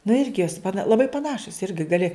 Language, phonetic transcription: Lithuanian, nu ˈirgi jos paˈna laˈbai paˈnašus ˈirgi gaˈli

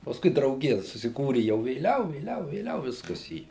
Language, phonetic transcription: Lithuanian, pasˈkui drauˈgija susiˈkūri jau vėˈliau vėˈliau vėˈliau ˈviskas į

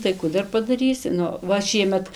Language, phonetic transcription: Lithuanian, tai ˈkų dar padaˈrysi ˈnu ˈva ˈšiemet

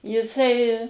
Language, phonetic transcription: Lithuanian, jiˈsai

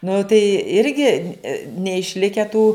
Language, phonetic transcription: Lithuanian, nu tai ˈirgi neišˈlikę tų

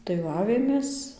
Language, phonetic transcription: Lithuanian, tai ˈva ˈavėmės

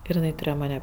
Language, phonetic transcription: Lithuanian, ir iˈnai tuˈrėjo ˈmane

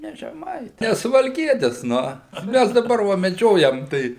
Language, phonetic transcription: Lithuanian, ˈne žeˈmai ˈne suvalˈkietis ˈnu ˈmæs daˈbar va meˈdžiojam ˈtai

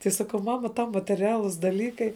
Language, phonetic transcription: Lithuanian, tai ˈsakau ˈmama tau mateˈrialus daˈlykai

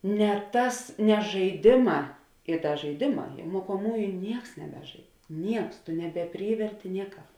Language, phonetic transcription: Lithuanian, ne ˈtas ne žaiˈdėˌmā i ˈda žaiˈdėˌmā ja mokoˈmųju ˈnieks neˈbeˌžaid ˈnieks nebeˈpryverti nieˈkāp

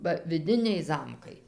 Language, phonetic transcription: Lithuanian, ba viˈdiniai ˈzamkai

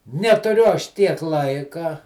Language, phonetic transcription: Lithuanian, netuˈriu ˈaš ˈtiek ˈlaika

